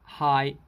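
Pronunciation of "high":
This is 'hide' in Hong Kong English, with the final d deleted, so it sounds like 'high'.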